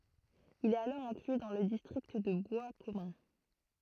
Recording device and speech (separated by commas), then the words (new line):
throat microphone, read sentence
Il est alors inclus dans le district de Boiscommun.